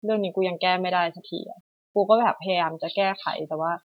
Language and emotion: Thai, frustrated